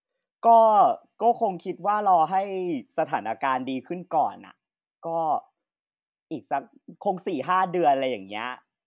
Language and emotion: Thai, neutral